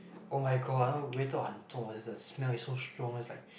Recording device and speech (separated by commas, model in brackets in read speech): boundary microphone, conversation in the same room